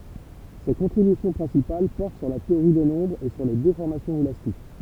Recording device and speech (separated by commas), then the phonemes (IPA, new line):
temple vibration pickup, read sentence
se kɔ̃tʁibysjɔ̃ pʁɛ̃sipal pɔʁt syʁ la teoʁi de nɔ̃bʁz e syʁ le defɔʁmasjɔ̃z elastik